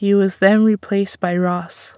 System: none